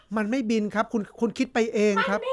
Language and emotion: Thai, frustrated